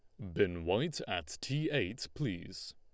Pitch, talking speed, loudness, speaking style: 105 Hz, 155 wpm, -36 LUFS, Lombard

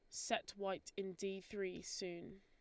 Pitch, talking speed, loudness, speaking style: 195 Hz, 165 wpm, -45 LUFS, Lombard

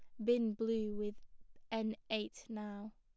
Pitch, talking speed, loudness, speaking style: 220 Hz, 135 wpm, -39 LUFS, plain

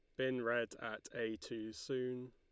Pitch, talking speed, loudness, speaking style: 120 Hz, 170 wpm, -42 LUFS, Lombard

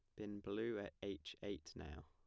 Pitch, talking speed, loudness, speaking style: 95 Hz, 195 wpm, -48 LUFS, plain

